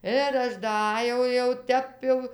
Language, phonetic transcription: Lithuanian, ir ˈaš daˈajau jau ˈtep jau

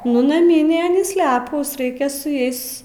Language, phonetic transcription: Lithuanian, nu naˈmynė aˈnys ˈlepūs ˈraikia su ˈjais

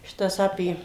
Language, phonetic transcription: Lithuanian, ˈšitas ˈapė

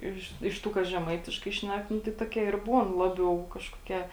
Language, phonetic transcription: Lithuanian, ˈiš iš ˈtų ˈkas žeˈmaitiškai ˈšnek ˈnu tai ˈtuoˌkie ir ˈbūn ˈlabiau ˈkažkoˌkie

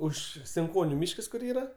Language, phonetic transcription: Lithuanian, ˈuž sinˈkoniu ˈmyškas kur ˈyra

